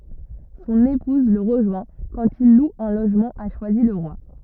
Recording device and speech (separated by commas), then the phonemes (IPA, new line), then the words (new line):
rigid in-ear microphone, read sentence
sɔ̃n epuz lə ʁəʒwɛ̃ kɑ̃t il lu œ̃ loʒmɑ̃ a ʃwazilʁwa
Son épouse le rejoint quand il loue un logement à Choisy-le-Roi.